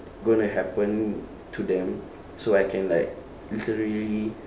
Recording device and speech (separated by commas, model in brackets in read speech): standing microphone, conversation in separate rooms